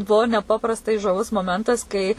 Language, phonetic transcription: Lithuanian, ˈbuo neˈpaprastai žaˈvus moˈmentas kai

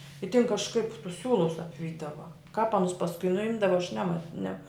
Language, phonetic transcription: Lithuanian, i tin kažˈkaip tus ˈsiūlus apˈvydava kāp ˈanus pasˈkui nuˈimdava aš ˈnema ne

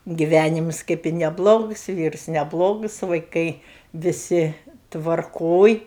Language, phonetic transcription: Lithuanian, giˈvænimus kap i neˈblogus ˈvyrus neˈblogus vaiˈkai viˈsi tvarˈkoj

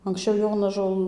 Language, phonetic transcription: Lithuanian, anksˈčiau ˈjonažol

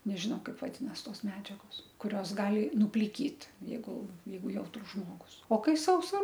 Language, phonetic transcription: Lithuanian, nežiˈnau ˈkaip vaˈdinas ˈtos ˈmedžiagos kuˈrios ˈgali nupliˈkyt jeiˈgu ˈjeigu ˈjautrus ˈžmogus o ˈkai ˈsausa

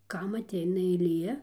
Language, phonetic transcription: Lithuanian, ˈkam aˈteina eiˈlie

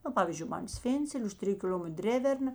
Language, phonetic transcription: Lithuanian, na ˈpavyzdžiui ˈman ˈsvėncelė už ˈtriju kiˈl'ometr ˈdreverˌna

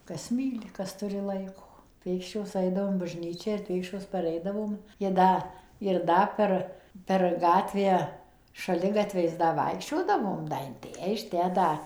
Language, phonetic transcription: Lithuanian, ˈkas ˈmyli ˈkas ˈturi ˈlaiko ˈpėkščios ˈaidavom bažˈnyčią ir ˈpėkščios paˈreidavom ji ˈda ir ˈda per per ˈgatvę šaˈligatviais ˈda ˈvaikščiodavom ˈda in ˈtę iš ˈtę da

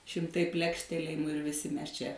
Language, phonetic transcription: Lithuanian, šimˈtai ˈplekštelėjimu ir viˈsi ˈmes ˈčia

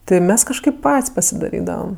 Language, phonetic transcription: Lithuanian, ˈti ˈmes kažˈkaip ˈpat's' pasidaˈrydavam

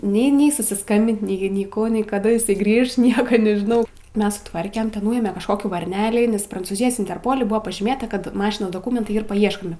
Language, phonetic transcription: Lithuanian, nei ˈnei susisˈkambint nei nei ˈkų nei kaˈda iˈsai ˈgrįš ˈnieka nežiˈnau ˈmes suˈtvarkem ten ˈnūėme kažˈkokį varˈnelė nes prancūˈzijos interˈpoli ˈbuvo pažyˈmėta ˈkad ˈmašinos doˈkūmentai ˈyr paˈieškomi

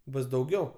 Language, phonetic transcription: Lithuanian, ˈbus dauˈgiau

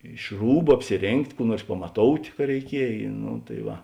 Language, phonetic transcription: Lithuanian, iš ˈrūbu apsiˈrėngt' ˈkų ˈnuors pamaˈtout' ka reiˈkiej no tai ˈva

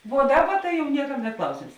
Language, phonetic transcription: Lithuanian, vuo ˈdaˌba ta jau ˈniekam net ˈklausėms

